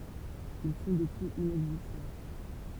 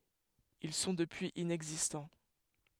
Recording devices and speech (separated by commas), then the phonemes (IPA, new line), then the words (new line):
temple vibration pickup, headset microphone, read sentence
il sɔ̃ dəpyiz inɛɡzistɑ̃
Ils sont depuis inexistants.